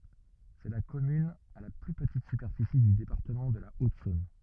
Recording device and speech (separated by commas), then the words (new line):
rigid in-ear microphone, read sentence
C'est la commune à la plus petite superficie du département de la Haute-Saône.